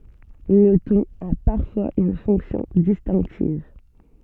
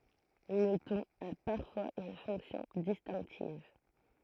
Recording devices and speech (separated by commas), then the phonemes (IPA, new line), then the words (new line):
soft in-ear microphone, throat microphone, read sentence
lə tɔ̃n a paʁfwaz yn fɔ̃ksjɔ̃ distɛ̃ktiv
Le ton a parfois une fonction distinctive.